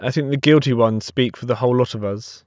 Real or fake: real